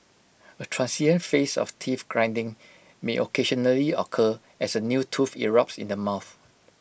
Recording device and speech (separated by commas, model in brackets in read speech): boundary microphone (BM630), read sentence